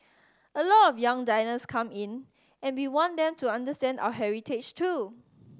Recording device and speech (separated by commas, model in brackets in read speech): standing microphone (AKG C214), read sentence